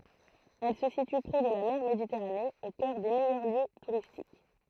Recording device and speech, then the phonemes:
throat microphone, read sentence
ɛl sə sity pʁe də la mɛʁ meditɛʁane o kœʁ de mɛjœʁ ljø tuʁistik

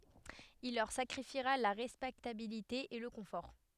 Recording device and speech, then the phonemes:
headset microphone, read sentence
il lœʁ sakʁifiʁa la ʁɛspɛktabilite e lə kɔ̃fɔʁ

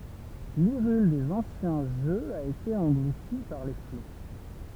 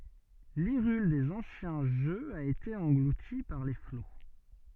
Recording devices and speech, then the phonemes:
temple vibration pickup, soft in-ear microphone, read sentence
liʁyl dez ɑ̃sjɛ̃ ʒøz a ete ɑ̃ɡluti paʁ le flo

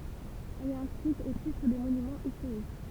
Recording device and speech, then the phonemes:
temple vibration pickup, read sentence
ɛl ɛt ɛ̃skʁit o titʁ de monymɑ̃z istoʁik

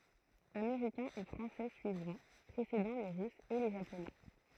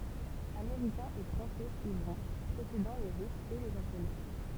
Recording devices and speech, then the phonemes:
throat microphone, temple vibration pickup, read sentence
ameʁikɛ̃z e fʁɑ̃sɛ syivʁɔ̃ pʁesedɑ̃ le ʁysz e le ʒaponɛ

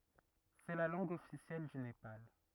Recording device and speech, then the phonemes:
rigid in-ear microphone, read sentence
sɛ la lɑ̃ɡ ɔfisjɛl dy nepal

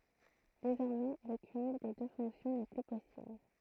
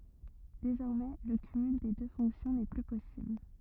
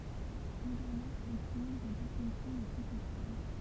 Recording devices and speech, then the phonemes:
throat microphone, rigid in-ear microphone, temple vibration pickup, read sentence
dezɔʁmɛ lə kymyl de dø fɔ̃ksjɔ̃ nɛ ply pɔsibl

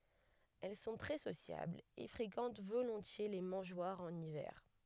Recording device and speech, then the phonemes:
headset microphone, read sentence
ɛl sɔ̃ tʁɛ sosjablz e fʁekɑ̃t volɔ̃tje le mɑ̃ʒwaʁz ɑ̃n ivɛʁ

